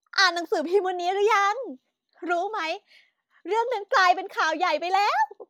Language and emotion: Thai, happy